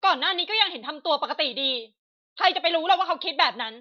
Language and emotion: Thai, angry